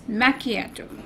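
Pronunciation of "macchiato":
'Macchiato' is pronounced correctly here.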